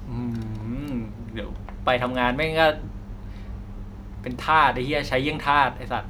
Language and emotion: Thai, frustrated